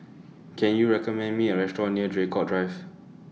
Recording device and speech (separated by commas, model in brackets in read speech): mobile phone (iPhone 6), read sentence